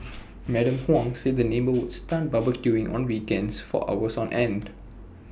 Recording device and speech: boundary microphone (BM630), read sentence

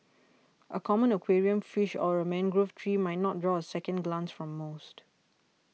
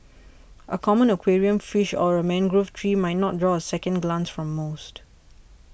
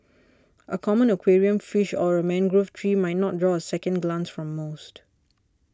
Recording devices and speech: mobile phone (iPhone 6), boundary microphone (BM630), standing microphone (AKG C214), read sentence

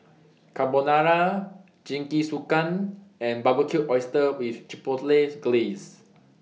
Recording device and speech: mobile phone (iPhone 6), read sentence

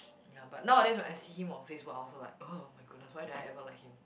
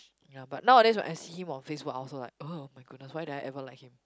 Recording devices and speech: boundary microphone, close-talking microphone, conversation in the same room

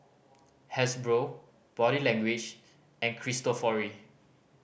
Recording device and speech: boundary microphone (BM630), read sentence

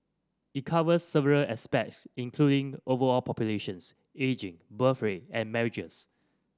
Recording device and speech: standing microphone (AKG C214), read sentence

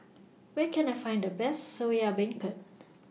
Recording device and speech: mobile phone (iPhone 6), read sentence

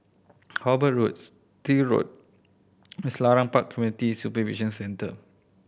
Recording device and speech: boundary microphone (BM630), read sentence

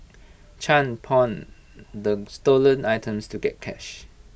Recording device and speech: boundary microphone (BM630), read sentence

